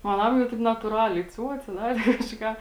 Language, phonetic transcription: Lithuanian, o aˈnam jau ˈtaip natūˈraliai ˈciuoce ˈdarė kaži ˈką

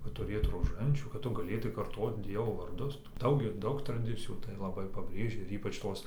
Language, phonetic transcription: Lithuanian, kad tuˈrėt roˈžančių kad ˈtu gaˈlėtai karˈtot ˈdievo varˈdus ˈdaug ir ˈdaug traˈdicijų tai laˈbai paˈbrėžia ir ˈypač ˈtos

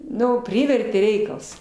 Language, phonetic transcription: Lithuanian, ˈnu ˈprivertė ˈreikals

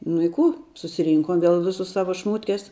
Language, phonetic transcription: Lithuanian, nu i ˈkų susiˈrynkom ˈviel ˈvisus ˈsavo ˈšmūtkes

